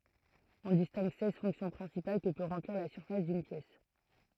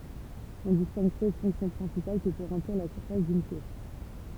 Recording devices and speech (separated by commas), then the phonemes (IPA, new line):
throat microphone, temple vibration pickup, read sentence
ɔ̃ distɛ̃ɡ sɛz fɔ̃ksjɔ̃ pʁɛ̃sipal kə pø ʁɑ̃pliʁ la syʁfas dyn pjɛs